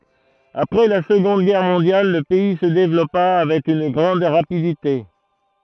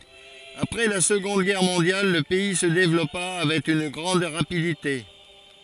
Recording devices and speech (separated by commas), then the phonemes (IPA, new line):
throat microphone, forehead accelerometer, read sentence
apʁɛ la səɡɔ̃d ɡɛʁ mɔ̃djal lə pɛi sə devlɔpa avɛk yn ɡʁɑ̃d ʁapidite